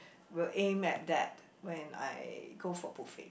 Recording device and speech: boundary microphone, conversation in the same room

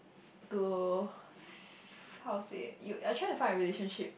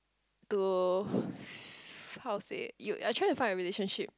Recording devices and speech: boundary microphone, close-talking microphone, conversation in the same room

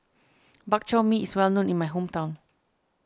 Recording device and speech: standing microphone (AKG C214), read sentence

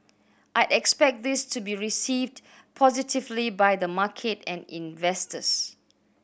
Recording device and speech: boundary microphone (BM630), read sentence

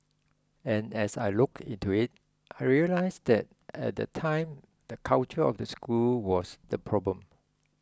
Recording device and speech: close-talking microphone (WH20), read sentence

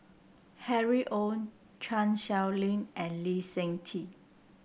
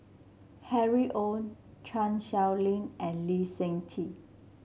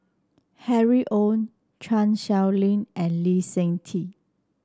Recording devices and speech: boundary microphone (BM630), mobile phone (Samsung C7), standing microphone (AKG C214), read sentence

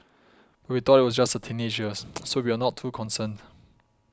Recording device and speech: close-talking microphone (WH20), read sentence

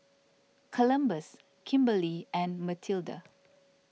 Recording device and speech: mobile phone (iPhone 6), read sentence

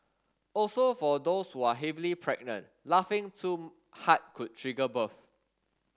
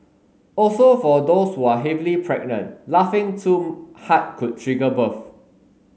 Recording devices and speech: standing microphone (AKG C214), mobile phone (Samsung S8), read sentence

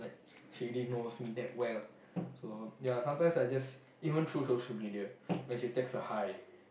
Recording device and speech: boundary microphone, conversation in the same room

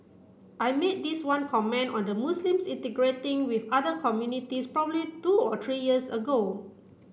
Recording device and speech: boundary microphone (BM630), read sentence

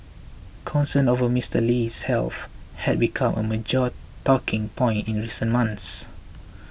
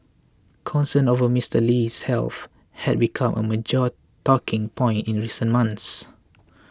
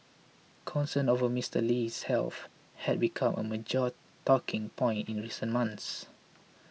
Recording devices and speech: boundary microphone (BM630), close-talking microphone (WH20), mobile phone (iPhone 6), read sentence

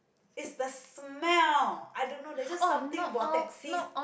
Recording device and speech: boundary microphone, conversation in the same room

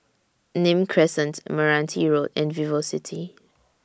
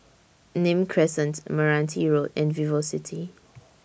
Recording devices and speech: standing microphone (AKG C214), boundary microphone (BM630), read sentence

